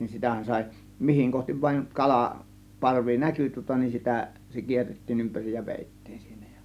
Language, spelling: Finnish, sitähän sai mihin kohti vain kala parvi näkyi tuota niin sitä se kierrettiin ympäri ja vedettiin siinä ja
- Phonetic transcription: 'sitä̀hän 'sàė , 'mihiŋ kohtiv 'vàiŋ "kala , "parvi "näky tŭŏta nin sitä , se 'kierrettiin 'ympärij ja 'vèittIIN sIINÄ JA .

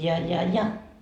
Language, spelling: Finnish, ja ja ja
- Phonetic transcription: ja ja 'ja .

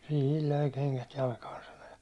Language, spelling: Finnish, siihen löi kengät jalkaan sanoi ja
- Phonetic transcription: » sihil löi keŋkät 'jalkaan̬ « sano ja .

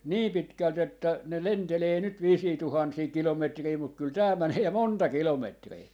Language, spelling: Finnish, niin pitkälti että ne lentelee nyt viisiä tuhansia kilometrejä mutta kyllä tämä menee ja monta kilometriä
- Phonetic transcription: "nii 'pitkält ‿että , ne 'lentelee nyt 'viisii 'tuhansii 'kilometrii muk kyl "tää 'mänee ja "monta 'kilometrii .

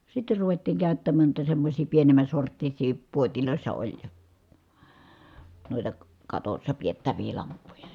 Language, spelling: Finnish, sitten ruvettiin käyttämään noita semmoisia pienemmän sorttisia puodeissa oli noita katossa pidettäviä lamppuja
- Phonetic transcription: sitte ruvettiiŋ kä̀y̬ttämään nuita semmośii pienem̆män̬ sorttisii , puotilòi̮ssa oĺ , nòita , katossa piettävii lamppuja .

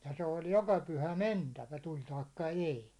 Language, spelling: Finnish, ja se oli joka pyhä mentävä tuli tai ei
- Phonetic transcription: ja se oĺ 'joka 'pyhä "mentävä 'tuĺ taikka 'èi .

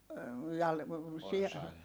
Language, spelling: Finnish, jaa sian
- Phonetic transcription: jaa , si₍a ?

